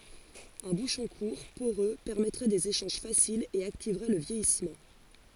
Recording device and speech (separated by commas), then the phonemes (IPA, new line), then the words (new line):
forehead accelerometer, read sentence
œ̃ buʃɔ̃ kuʁ poʁø pɛʁmɛtʁɛ dez eʃɑ̃ʒ fasilz e aktivʁɛ lə vjɛjismɑ̃
Un bouchon court, poreux, permettrait des échanges faciles et activerait le vieillissement.